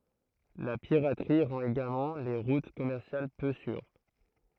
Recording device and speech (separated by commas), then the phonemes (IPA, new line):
throat microphone, read sentence
la piʁatʁi ʁɑ̃t eɡalmɑ̃ le ʁut kɔmɛʁsjal pø syʁ